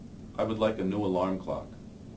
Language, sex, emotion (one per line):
English
male
neutral